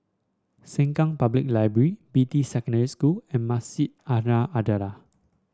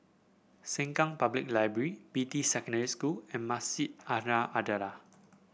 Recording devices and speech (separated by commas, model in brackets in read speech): standing microphone (AKG C214), boundary microphone (BM630), read sentence